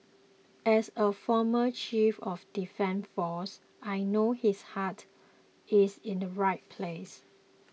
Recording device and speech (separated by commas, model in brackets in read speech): mobile phone (iPhone 6), read sentence